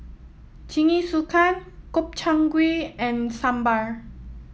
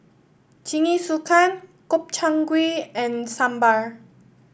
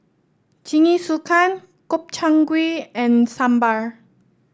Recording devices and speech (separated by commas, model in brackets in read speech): mobile phone (iPhone 7), boundary microphone (BM630), standing microphone (AKG C214), read sentence